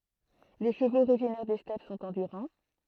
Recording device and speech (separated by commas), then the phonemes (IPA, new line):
throat microphone, read sentence
le ʃəvoz oʁiʒinɛʁ de stɛp sɔ̃t ɑ̃dyʁɑ̃